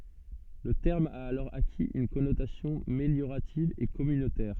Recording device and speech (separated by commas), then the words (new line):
soft in-ear microphone, read sentence
Le terme a alors acquis une connotation méliorative et communautaire.